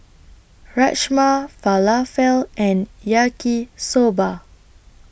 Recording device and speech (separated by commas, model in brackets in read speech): boundary microphone (BM630), read sentence